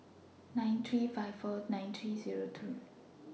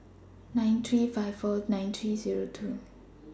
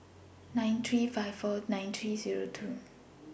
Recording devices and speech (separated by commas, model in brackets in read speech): mobile phone (iPhone 6), standing microphone (AKG C214), boundary microphone (BM630), read sentence